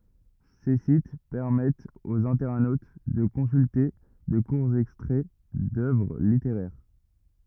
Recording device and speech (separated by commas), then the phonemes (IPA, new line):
rigid in-ear microphone, read sentence
se sit pɛʁmɛtt oz ɛ̃tɛʁnot də kɔ̃sylte də kuʁz ɛkstʁɛ dœvʁ liteʁɛʁ